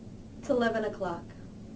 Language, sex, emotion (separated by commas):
English, female, neutral